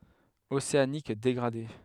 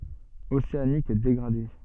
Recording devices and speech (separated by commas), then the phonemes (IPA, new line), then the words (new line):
headset microphone, soft in-ear microphone, read sentence
oseanik deɡʁade
Océanique dégradé.